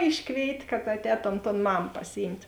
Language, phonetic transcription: Lithuanian, ˈiškvėit' kad atˈētom ton ˈmam pasiˈjymt'

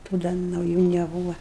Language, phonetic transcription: Lithuanian, tų ˈda nauˈjų neˈbūva

